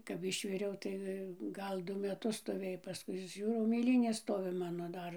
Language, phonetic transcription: Lithuanian, kap ˈišviriau tai ˈgal ˈdu meˈtus stoˈvėj paˈskui ˈžiūrau mėˈlynės ˈstovi ˈmano ˈdar

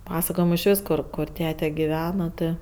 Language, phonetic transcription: Lithuanian, ˈpasakojimu iš ˈvis ˈkur kur ˈtete giˈvena ˈtɜ

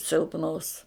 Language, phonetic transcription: Lithuanian, silpˈnos

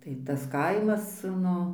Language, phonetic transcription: Lithuanian, tai tas ˈkaimas ˈnu

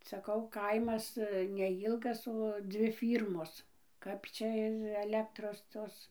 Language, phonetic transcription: Lithuanian, saˈkau ˈkaimas neˈjylgas o ˈdzvi ˈfyrmos ˈkap čia ir aˈlektros ˈtos

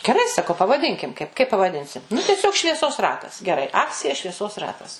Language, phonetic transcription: Lithuanian, geˈrai saˈkau pavaˈdinkim kaip kaip pavaˈdinsim nu teˈsiog švieˈsos ˈratas geˈrai ˈakcija švieˈsos ˈratas

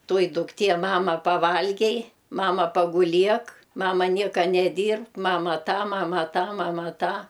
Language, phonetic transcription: Lithuanian, ˈtoji dukˈtie ˈmama a paˈvalgei ˈmama paguˈliek ˈmama ˈnieka neˈdyrbk ˈmama ˈtą ˈmama ˈtą ˈmama ˈtą

